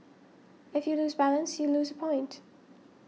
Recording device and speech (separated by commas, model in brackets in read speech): mobile phone (iPhone 6), read sentence